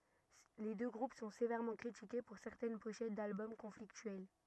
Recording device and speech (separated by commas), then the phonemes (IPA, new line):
rigid in-ear microphone, read sentence
le dø ɡʁup sɔ̃ sevɛʁmɑ̃ kʁitike puʁ sɛʁtɛn poʃɛt dalbɔm kɔ̃fliktyɛl